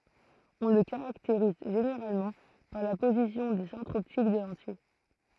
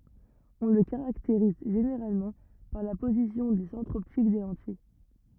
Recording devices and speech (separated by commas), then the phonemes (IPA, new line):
throat microphone, rigid in-ear microphone, read sentence
ɔ̃ lə kaʁakteʁiz ʒeneʁalmɑ̃ paʁ la pozisjɔ̃ de sɑ̃tʁz ɔptik de lɑ̃tij